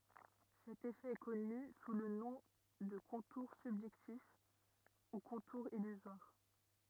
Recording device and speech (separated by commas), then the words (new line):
rigid in-ear microphone, read sentence
Cet effet est connu sous le nom de contour subjectif ou contour illusoire.